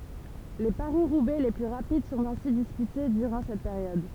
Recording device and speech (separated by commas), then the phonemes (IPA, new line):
temple vibration pickup, read sentence
le paʁisʁubɛ le ply ʁapid sɔ̃t ɛ̃si dispyte dyʁɑ̃ sɛt peʁjɔd